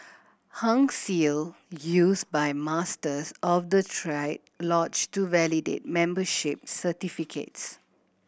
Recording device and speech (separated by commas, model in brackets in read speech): boundary microphone (BM630), read sentence